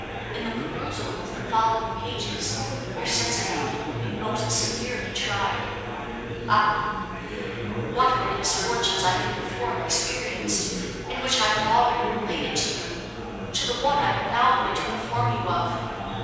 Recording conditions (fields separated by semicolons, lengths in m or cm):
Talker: one person; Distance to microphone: 7.1 m; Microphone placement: far; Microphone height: 1.7 m; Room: very reverberant, large; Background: babble